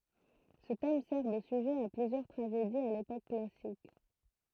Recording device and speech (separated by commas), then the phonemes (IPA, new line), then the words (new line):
throat microphone, read sentence
sə tɛm sɛʁ də syʒɛ a plyzjœʁ tʁaʒediz a lepok klasik
Ce thème sert de sujet à plusieurs tragédies à l'époque classique.